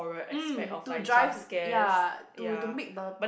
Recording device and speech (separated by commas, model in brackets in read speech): boundary microphone, conversation in the same room